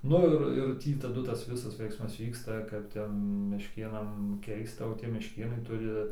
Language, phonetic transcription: Lithuanian, ˈnu ir ir ˈtį taˈdu ˈtas ˈvisas ˈveiksmas ˈvyksta kap ˈten mešˈkėnam ˈkeista o ˈtie mešˈkėnai ˈturi

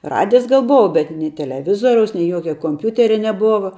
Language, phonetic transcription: Lithuanian, ˈradijs ˈgal ˈbova bet nei teleˈvizoriaus nei ˈjuokia komˈpiūteria neˈbova

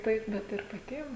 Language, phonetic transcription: Lithuanian, ˈtaip ˈbet ir paˈtiem

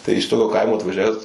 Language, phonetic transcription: Lithuanian, tai iš ˈtokio ˈkaimo atvaˈžiaves

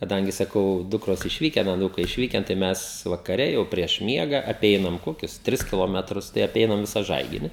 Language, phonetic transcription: Lithuanian, kaˈdangi saˈkau ˈdukros išˈvyken aˈnūkai išˈvyken tai ˈmes vakaˈre jau prieš ˈmiega aˈpeinam ˈkokius ˈtris kiloˈmetrus tai aˈpeinam ˈvisą ˈžaigini

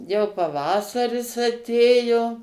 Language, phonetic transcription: Lithuanian, jau paˈvasaris aˈtėjo

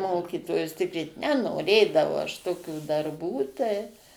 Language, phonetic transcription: Lithuanian, ˈmokytojus ˈtikryt nenoˈrėdavau aš toˈkių darˈbų tai

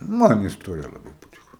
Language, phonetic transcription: Lithuanian, ˈman isˈtorija laˈbai paˈtiku

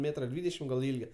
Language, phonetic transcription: Lithuanian, ˈmėtra ˈdvydešim gal ˈilge

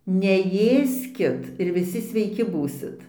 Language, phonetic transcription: Lithuanian, neˈjėskit ir viˈsi sveiˈki ˈbūsit

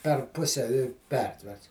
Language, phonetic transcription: Lithuanian, per ˈpuse i ˈpertverts

